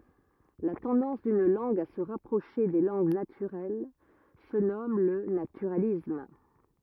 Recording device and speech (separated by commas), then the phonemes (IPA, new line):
rigid in-ear microphone, read sentence
la tɑ̃dɑ̃s dyn lɑ̃ɡ a sə ʁapʁoʃe de lɑ̃ɡ natyʁɛl sə nɔm lə natyʁalism